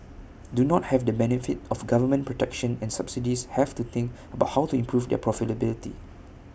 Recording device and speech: boundary microphone (BM630), read sentence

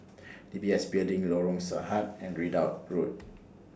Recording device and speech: standing microphone (AKG C214), read sentence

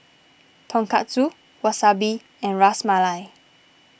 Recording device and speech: boundary microphone (BM630), read sentence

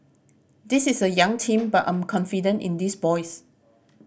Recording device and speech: boundary microphone (BM630), read sentence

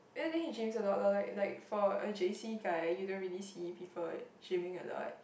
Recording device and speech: boundary microphone, conversation in the same room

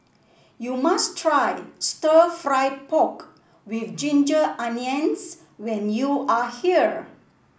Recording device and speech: boundary microphone (BM630), read sentence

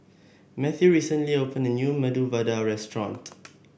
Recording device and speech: boundary microphone (BM630), read sentence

